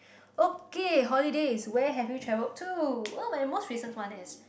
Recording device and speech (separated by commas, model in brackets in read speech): boundary microphone, conversation in the same room